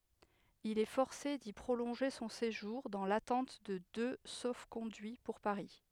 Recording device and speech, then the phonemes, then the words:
headset microphone, read sentence
il ɛ fɔʁse di pʁolɔ̃ʒe sɔ̃ seʒuʁ dɑ̃ latɑ̃t də dø sofkɔ̃dyi puʁ paʁi
Il est forcé d'y prolonger son séjour, dans l'attente de deux sauf-conduits pour Paris.

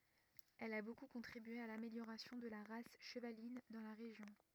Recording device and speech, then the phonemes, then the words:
rigid in-ear microphone, read sentence
ɛl a boku kɔ̃tʁibye a lameljoʁasjɔ̃ də la ʁas ʃəvalin dɑ̃ la ʁeʒjɔ̃
Elle a beaucoup contribué à l'amélioration de la race chevaline dans la région.

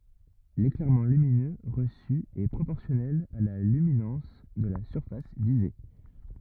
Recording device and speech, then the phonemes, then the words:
rigid in-ear microphone, read sentence
leklɛʁmɑ̃ lyminø ʁəsy ɛ pʁopɔʁsjɔnɛl a la lyminɑ̃s də la syʁfas vize
L'éclairement lumineux reçu est proportionnel à la luminance de la surface visée.

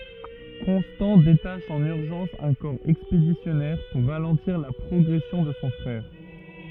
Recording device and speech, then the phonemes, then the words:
rigid in-ear microphone, read sentence
kɔ̃stɑ̃ detaʃ ɑ̃n yʁʒɑ̃s œ̃ kɔʁ ɛkspedisjɔnɛʁ puʁ ʁalɑ̃tiʁ la pʁɔɡʁɛsjɔ̃ də sɔ̃ fʁɛʁ
Constant détache en urgence un corps expéditionnaire pour ralentir la progression de son frère.

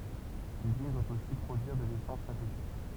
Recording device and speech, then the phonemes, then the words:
temple vibration pickup, read sentence
lyzin dwa osi pʁodyiʁ də lesɑ̃s sɛ̃tetik
L'usine doit aussi produire de l'essence synthétique.

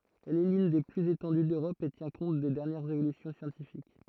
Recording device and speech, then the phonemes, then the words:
throat microphone, read sentence
ɛl ɛ lyn de plyz etɑ̃dy døʁɔp e tjɛ̃ kɔ̃t de dɛʁnjɛʁz evolysjɔ̃ sjɑ̃tifik
Elle est l'une des plus étendues d'Europe et tient compte des dernières évolutions scientifiques.

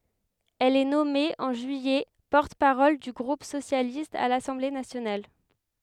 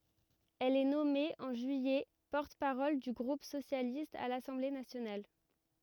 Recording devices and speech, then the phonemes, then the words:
headset microphone, rigid in-ear microphone, read sentence
ɛl ɛ nɔme ɑ̃ ʒyijɛ pɔʁt paʁɔl dy ɡʁup sosjalist a lasɑ̃ble nasjonal
Elle est nommée, en juillet, porte-parole du groupe socialiste à l'Assemblée nationale.

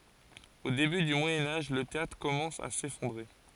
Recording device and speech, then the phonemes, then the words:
forehead accelerometer, read sentence
o deby dy mwajɛ̃ aʒ lə teatʁ kɔmɑ̃s a sefɔ̃dʁe
Au début du Moyen Âge, le théâtre commence à s'effondrer.

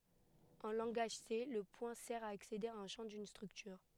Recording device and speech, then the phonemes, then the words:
headset microphone, read sentence
ɑ̃ lɑ̃ɡaʒ se lə pwɛ̃ sɛʁ a aksede a œ̃ ʃɑ̃ dyn stʁyktyʁ
En langage C, le point sert à accéder à un champ d'une structure.

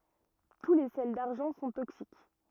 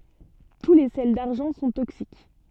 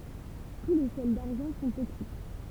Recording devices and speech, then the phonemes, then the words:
rigid in-ear microphone, soft in-ear microphone, temple vibration pickup, read sentence
tu le sɛl daʁʒɑ̃ sɔ̃ toksik
Tous les sels d'argent sont toxiques.

